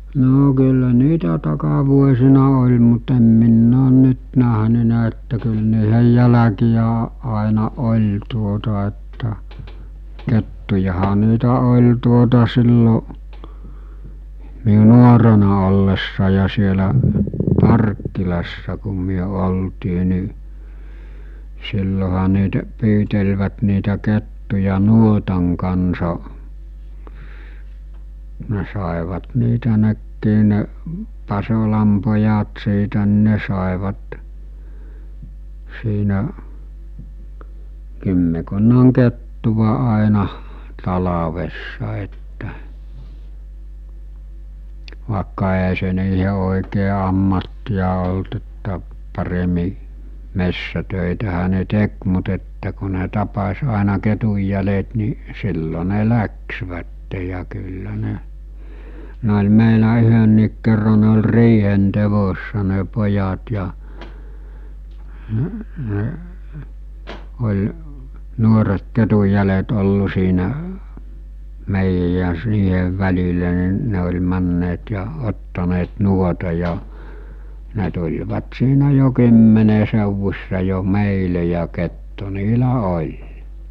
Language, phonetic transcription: Finnish, 'noo kyllä 'niitä takavuosina oĺ mut em minn ‿oon 'nyt näɦnynä että kyl niihej 'jäläkijä a- àena 'oĺ tuota että , 'kettujaha niitä 'ol̜ tuota sillo , miu 'nuorena ollessa ja sielä , "Parkkilassa kum̆ myö 'oltii ni , silloha niitä , 'pyytelvät niitä 'kettuja "nuotaŋ kansa , ne sàevat niitä 'nekkii ne , 'Pasolam pojat siitä n(ɪ) 'ne sàevat , siinä , 'kymmekunnaŋ 'kettuva àenah , talavessa että , vàekka e₍ä se niihe òikee ammattija olt että , paremi , 'messä'tö̀itähä ne 'tek mut että ku ne 'tapas̜ àena 'ketujjälet ni , 'sillo ne "läksvätte ja kyllä 'ne , ne oĺ 'meilä 'yhönniik kerra ne oĺ 'riihen 'tevossa ne 'pojat ja , oĺ , 'nuoret 'ketuj̆jälet ollu siinä , 'mèijäj ja s- 'niihev 'väl̜ilä ni 'ne oĺ 'männeet ja , 'ottaneet "nuota ja , 'ne tuĺvat siinä jo 'kymmene sèuvus̜sa jo "mèile ja 'kettu niilä "oĺ .
- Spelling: no kyllä niitä takavuosina oli mutta en minä ole nyt nähnyt että kyllä niiden jälkiä - aina oli tuota että kettujahan niitä oli tuota silloin minun nuorena ollessa ja siellä Parkkilassa kun me oltiin niin silloinhan niitä pyytelivät niitä kettuja nuotan kanssa ne saivat niitä nekin ne Pasolan pojat siitä niin ne saivat siinä kymmenkunnan kettua aina talvessa että vaikka eihän se niiden oikein ammattia ollut että paremmin metsätöitähän ne teki mutta että kun ne tapasi aina ketunjäljet niin silloin ne lähtivät ja kyllä ne ne oli meillä yhdenkin kerran ne oli riihen teossa ne pojat ja oli nuoret ketunjäljet ollut siinä meidän ja - niiden välillä niin ne oli menneet ja ottaneet nuotan ja ne tulivat siinä jo kymmenen seudussa jo meille ja kettu niillä oli

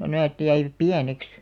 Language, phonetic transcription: Finnish, 'näät jäivᵃ̈p̆§ "piäneks .
- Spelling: nämä jäivät pieneksi

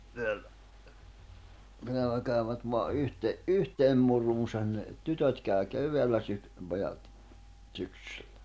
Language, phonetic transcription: Finnish, teällä , teällä käyvät voa , '’yhte- , "’yhteem muruusan ne , 'tytöt kä̀y̬ 'kev̀eällä syk- , 'pojat , ᵗsyksʏʟʟᴀ̈ .
- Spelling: täällä täällä kävivät vain - yhteen muruunsa ne tytöt kävi keväällä - pojat syksyllä

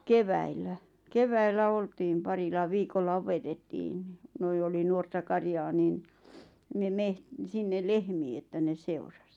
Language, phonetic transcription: Finnish, 'keväil̆lä , "keväillä 'oltiim 'parila 'viikolla 'opetettiin ɴɪ , noi oli nuorta 'karjaa nin , ne 'meht- , 'sinnel "lehmii että ne 'seuras .
- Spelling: keväällä keväällä oltiin parilla viikolla opetettiin niin noin oli nuorta karjaa niin ne - sinne lehmiä että ne seurasi

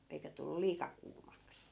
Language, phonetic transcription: Finnish, 'eikä tullu "liika kuumaks .
- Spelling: eikä tullut liika kuumaksi

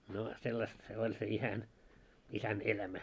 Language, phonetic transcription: Finnish, no 'sellast se 'oĺ se 'isän , 'isän "elämä .
- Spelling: no sellaista se oli se isän isän elämä

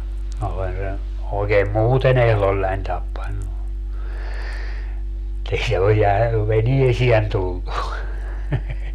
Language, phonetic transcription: Finnish, minä olen̬ sen̬ , oikeem "muuten ‿ehlollań 'tappannu , [mut]tei se o jä- , "veniesien 'tullu .
- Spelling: minä olen sen oikein muuten ehdollani tappanut mutta ei se ole - veneeseen tullut

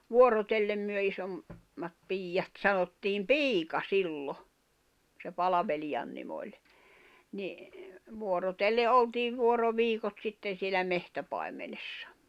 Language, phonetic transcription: Finnish, 'vuorotellem myö isom- , -mat 'piijjat sanottiim "piika 'sillo , se 'palaveliʲan nim ‿oĺ , ni , vuorotelle 'oltiiv 'vuoro'viikot 'sitten̬ sielä 'mehtäpai̬menessᴀ .
- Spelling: vuorotellen me - isommat piiat sanottiin piika silloin se palvelijan nimi oli niin vuorotellen oltiin vuoroviikot sitten siellä metsäpaimenessa

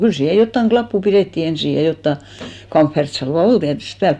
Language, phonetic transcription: Finnish, 'kyl 'siihe 'jottaŋ "ɢlappu 'pirètti 'ensì ja 'jotta , 'kamffertsalva "ol tiätyst 'pääl .
- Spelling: kyllä siihen jotakin lappua pidettiin ensin ja jotakin kamferttisalvaa oli tietysti päällä

